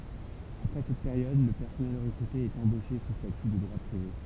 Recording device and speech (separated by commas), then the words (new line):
temple vibration pickup, read sentence
Après cette période, le personnel recruté est embauché sous statut de droit privé.